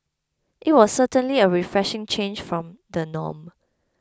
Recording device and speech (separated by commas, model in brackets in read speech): close-talking microphone (WH20), read sentence